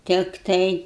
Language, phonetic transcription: Lithuanian, ˈtiktai

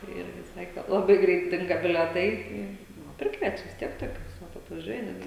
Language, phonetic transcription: Lithuanian, ˈirgi ˈsakė laˈbai ˈgreit ˈdinga bileˈtai ˈtai ˈnu ˈprikviečia vis ˈtiek toˈkius ˈvat atvaˈžiuoja ˈnetgi

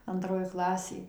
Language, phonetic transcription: Lithuanian, anˈtroj ˈklasėj

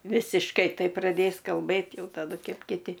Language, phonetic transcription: Lithuanian, visišˈkai ˈtaip praˈdės kalˈbɘt ˈjau taˈdu ˈkep kiˈti

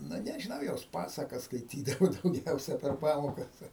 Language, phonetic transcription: Lithuanian, ˈnu nežiˈnau jos ˈpasakas skaiˈtydavu dauˈgiausia per ˈpamokas

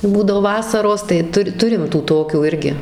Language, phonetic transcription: Lithuanian, tai ˈbūdavo ˈvasaros tai ˈtu ˈturim tų ˈtokių ˈirgi

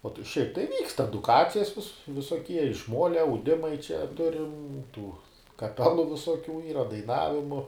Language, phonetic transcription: Lithuanian, ˈo šiaip tai ˈvykst eduˈkacijas vis visoˈkie iš ˈmolia auˈdimai čia ˈturim ˈtų kaˈpelu visoˈkių ˈyra daiˈnavimu

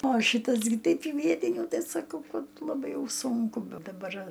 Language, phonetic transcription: Lithuanian, o ˈšytas gi ˈteip į ˈvietinių ˈtai saˈkau ˈkad laˈbai ˈjau ˈsunku be daˈbar

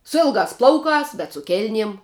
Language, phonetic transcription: Lithuanian, su ˈilgās ˈplaukās bet su ˈkėlniem

